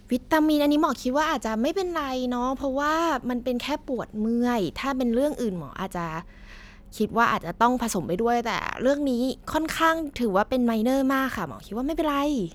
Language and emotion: Thai, happy